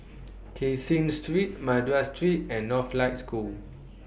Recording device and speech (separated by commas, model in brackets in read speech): boundary microphone (BM630), read sentence